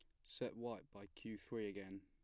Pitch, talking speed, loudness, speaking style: 105 Hz, 200 wpm, -50 LUFS, plain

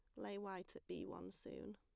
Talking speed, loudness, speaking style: 230 wpm, -51 LUFS, plain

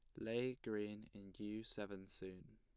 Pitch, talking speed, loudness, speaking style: 105 Hz, 150 wpm, -47 LUFS, plain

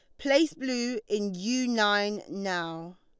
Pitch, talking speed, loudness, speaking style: 210 Hz, 130 wpm, -28 LUFS, Lombard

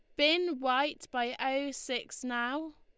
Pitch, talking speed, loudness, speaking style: 275 Hz, 140 wpm, -32 LUFS, Lombard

